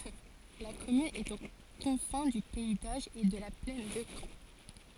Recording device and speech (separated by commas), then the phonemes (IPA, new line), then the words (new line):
forehead accelerometer, read sentence
la kɔmyn ɛt o kɔ̃fɛ̃ dy pɛi doʒ e də la plɛn də kɑ̃
La commune est aux confins du pays d'Auge et de la plaine de Caen.